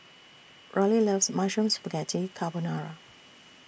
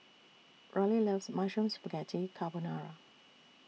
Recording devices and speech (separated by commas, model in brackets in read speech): boundary microphone (BM630), mobile phone (iPhone 6), read sentence